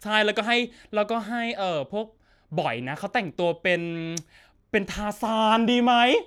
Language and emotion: Thai, happy